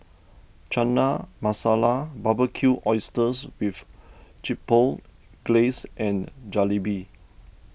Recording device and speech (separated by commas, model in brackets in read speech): boundary microphone (BM630), read sentence